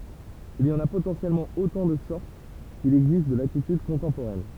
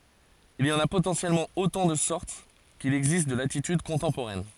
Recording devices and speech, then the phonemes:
temple vibration pickup, forehead accelerometer, read sentence
il i ɑ̃n a potɑ̃sjɛlmɑ̃ otɑ̃ də sɔʁt kil ɛɡzist də latityd kɔ̃tɑ̃poʁɛn

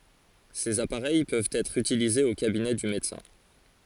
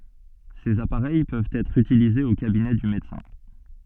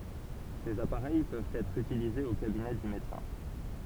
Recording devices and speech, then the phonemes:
forehead accelerometer, soft in-ear microphone, temple vibration pickup, read sentence
sez apaʁɛj pøvt ɛtʁ ytilizez o kabinɛ dy medəsɛ̃

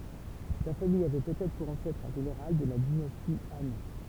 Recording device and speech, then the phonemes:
temple vibration pickup, read sentence
sa famij avɛ pøtɛtʁ puʁ ɑ̃sɛtʁ œ̃ ʒeneʁal də la dinasti ɑ̃

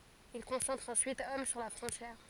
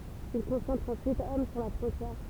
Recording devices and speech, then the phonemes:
forehead accelerometer, temple vibration pickup, read sentence
il kɔ̃sɑ̃tʁt ɑ̃syit ɔm syʁ la fʁɔ̃tjɛʁ

